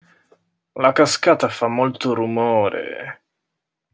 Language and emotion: Italian, disgusted